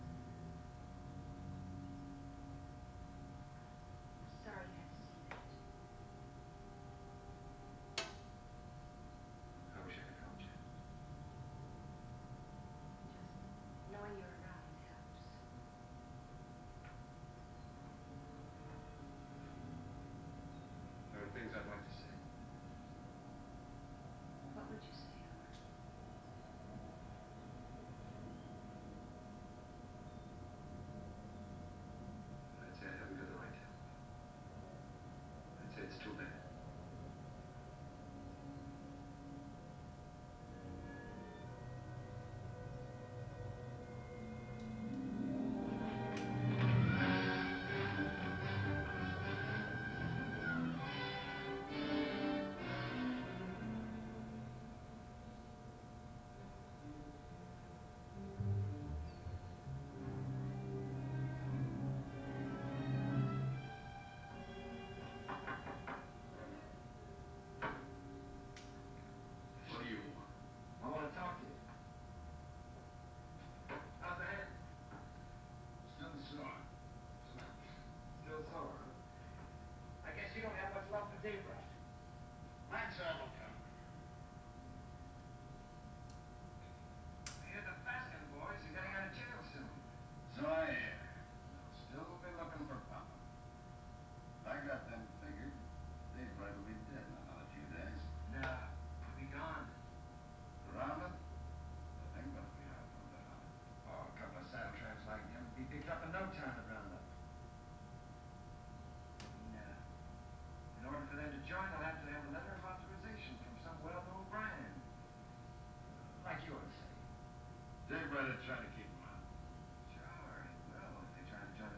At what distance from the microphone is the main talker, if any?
No main talker.